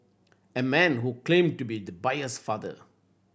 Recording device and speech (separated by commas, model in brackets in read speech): boundary microphone (BM630), read sentence